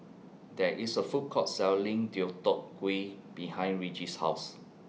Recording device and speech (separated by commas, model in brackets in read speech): mobile phone (iPhone 6), read sentence